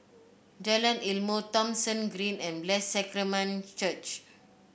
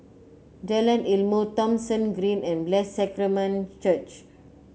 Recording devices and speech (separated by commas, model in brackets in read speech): boundary microphone (BM630), mobile phone (Samsung C9), read sentence